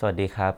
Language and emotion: Thai, neutral